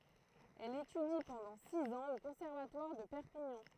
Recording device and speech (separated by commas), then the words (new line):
throat microphone, read sentence
Elle étudie pendant six ans au conservatoire de Perpignan.